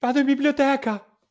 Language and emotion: Italian, fearful